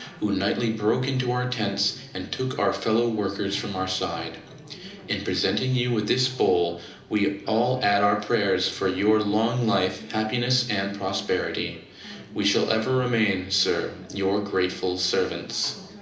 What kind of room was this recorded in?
A medium-sized room (about 5.7 m by 4.0 m).